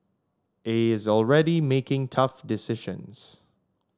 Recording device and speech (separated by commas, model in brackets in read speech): standing microphone (AKG C214), read sentence